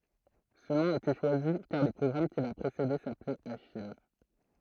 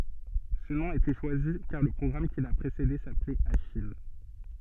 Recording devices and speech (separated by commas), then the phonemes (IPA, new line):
throat microphone, soft in-ear microphone, read sentence
sə nɔ̃ a ete ʃwazi kaʁ lə pʁɔɡʁam ki la pʁesede saplɛt aʃij